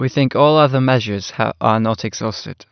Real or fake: real